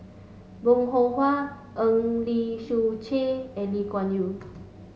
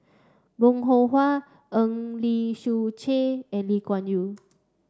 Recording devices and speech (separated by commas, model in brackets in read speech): mobile phone (Samsung S8), standing microphone (AKG C214), read sentence